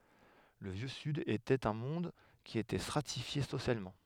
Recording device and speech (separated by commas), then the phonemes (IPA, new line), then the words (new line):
headset microphone, read sentence
lə vjø syd etɛt œ̃ mɔ̃d ki etɛ stʁatifje sosjalmɑ̃
Le Vieux Sud était un monde qui était stratifié socialement.